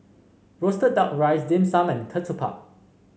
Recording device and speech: mobile phone (Samsung C5), read sentence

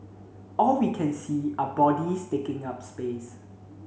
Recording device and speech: mobile phone (Samsung C7), read sentence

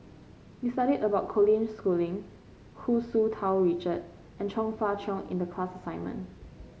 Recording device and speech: mobile phone (Samsung C5), read sentence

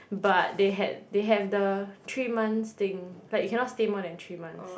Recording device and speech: boundary microphone, conversation in the same room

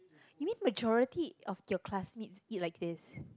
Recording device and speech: close-talking microphone, conversation in the same room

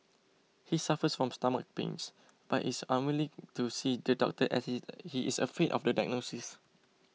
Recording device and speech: mobile phone (iPhone 6), read sentence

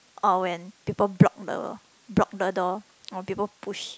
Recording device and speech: close-talking microphone, conversation in the same room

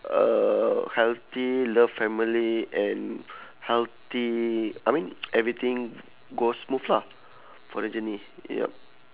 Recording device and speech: telephone, conversation in separate rooms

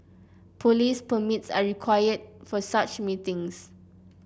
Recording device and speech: boundary microphone (BM630), read sentence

